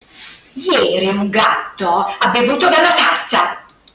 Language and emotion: Italian, angry